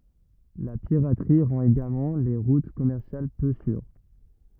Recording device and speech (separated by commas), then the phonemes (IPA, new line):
rigid in-ear microphone, read sentence
la piʁatʁi ʁɑ̃t eɡalmɑ̃ le ʁut kɔmɛʁsjal pø syʁ